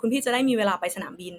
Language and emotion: Thai, neutral